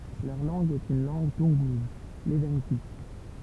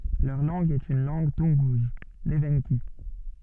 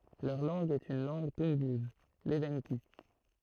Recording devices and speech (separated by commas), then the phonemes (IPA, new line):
temple vibration pickup, soft in-ear microphone, throat microphone, read sentence
lœʁ lɑ̃ɡ ɛt yn lɑ̃ɡ tunɡuz levɑ̃ki